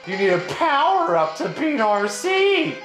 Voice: mocking voice